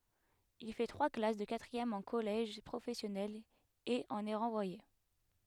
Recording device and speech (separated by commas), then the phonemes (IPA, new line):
headset microphone, read sentence
il fɛ tʁwa klas də katʁiɛm ɑ̃ kɔlɛʒ pʁofɛsjɔnɛl e ɑ̃n ɛ ʁɑ̃vwaje